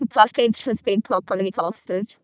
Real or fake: fake